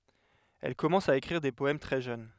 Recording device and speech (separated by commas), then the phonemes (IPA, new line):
headset microphone, read sentence
ɛl kɔmɑ̃s a ekʁiʁ de pɔɛm tʁɛ ʒøn